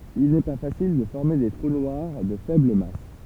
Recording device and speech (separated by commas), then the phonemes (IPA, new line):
temple vibration pickup, read sentence
il nɛ pa fasil də fɔʁme de tʁu nwaʁ də fɛbl mas